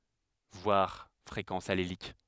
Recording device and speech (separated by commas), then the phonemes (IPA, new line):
headset microphone, read sentence
vwaʁ fʁekɑ̃s alelik